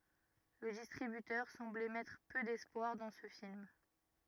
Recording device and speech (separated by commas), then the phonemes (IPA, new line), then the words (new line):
rigid in-ear microphone, read sentence
lə distʁibytœʁ sɑ̃blɛ mɛtʁ pø dɛspwaʁ dɑ̃ sə film
Le distributeur semblait mettre peu d'espoir dans ce film.